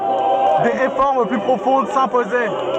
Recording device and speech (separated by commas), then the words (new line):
soft in-ear microphone, read sentence
Des réformes plus profondes s'imposaient.